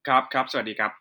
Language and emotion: Thai, neutral